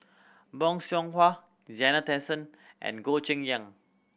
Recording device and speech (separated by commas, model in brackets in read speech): boundary microphone (BM630), read sentence